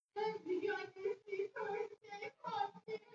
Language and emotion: English, sad